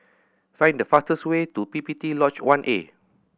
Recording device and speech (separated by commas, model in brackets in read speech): boundary microphone (BM630), read sentence